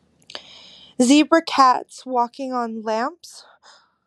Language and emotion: English, fearful